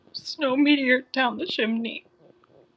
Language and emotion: English, sad